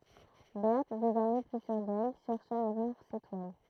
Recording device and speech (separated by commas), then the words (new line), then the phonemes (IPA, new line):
throat microphone, read sentence
Berthe, désormais plus sûre d'elle, chercha à vendre ses toiles.
bɛʁt dezɔʁmɛ ply syʁ dɛl ʃɛʁʃa a vɑ̃dʁ se twal